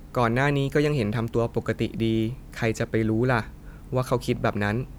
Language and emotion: Thai, neutral